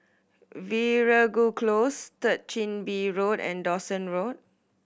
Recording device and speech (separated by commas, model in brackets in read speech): boundary microphone (BM630), read sentence